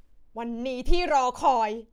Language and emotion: Thai, angry